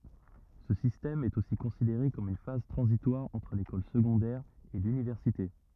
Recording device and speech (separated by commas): rigid in-ear microphone, read sentence